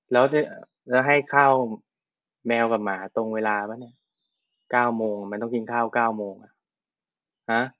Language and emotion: Thai, neutral